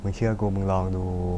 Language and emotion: Thai, neutral